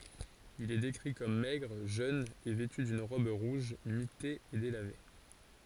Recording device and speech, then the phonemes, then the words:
forehead accelerometer, read sentence
il ɛ dekʁi kɔm mɛɡʁ ʒøn e vɛty dyn ʁɔb ʁuʒ mite e delave
Il est décrit comme maigre, jeune et vêtu d'une robe rouge mitée et délavée.

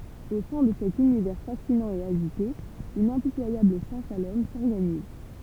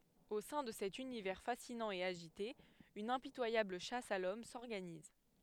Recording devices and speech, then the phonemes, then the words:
temple vibration pickup, headset microphone, read sentence
o sɛ̃ də sɛt ynivɛʁ fasinɑ̃ e aʒite yn ɛ̃pitwajabl ʃas a lɔm sɔʁɡaniz
Au sein de cet univers fascinant et agité, une impitoyable chasse à l'homme s'organise.

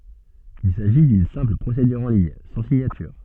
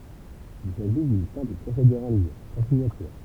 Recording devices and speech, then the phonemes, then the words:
soft in-ear microphone, temple vibration pickup, read sentence
il saʒi dyn sɛ̃pl pʁosedyʁ ɑ̃ liɲ sɑ̃ siɲatyʁ
Il s'agit d'une simple procédure en ligne, sans signature.

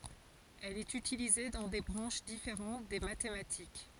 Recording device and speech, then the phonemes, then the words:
forehead accelerometer, read sentence
ɛl ɛt ytilize dɑ̃ de bʁɑ̃ʃ difeʁɑ̃t de matematik
Elle est utilisée dans des branches différentes des mathématiques.

